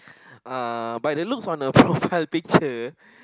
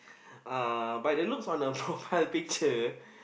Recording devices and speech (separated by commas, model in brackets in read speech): close-talking microphone, boundary microphone, conversation in the same room